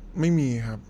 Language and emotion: Thai, frustrated